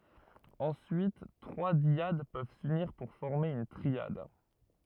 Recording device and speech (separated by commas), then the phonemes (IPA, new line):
rigid in-ear microphone, read sentence
ɑ̃syit tʁwa djad pøv syniʁ puʁ fɔʁme yn tʁiad